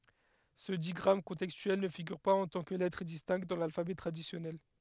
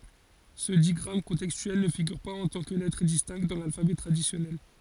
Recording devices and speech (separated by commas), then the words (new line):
headset microphone, forehead accelerometer, read sentence
Ce digramme contextuel ne figure pas en tant que lettre distincte dans l’alphabet traditionnel.